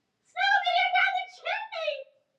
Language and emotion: English, surprised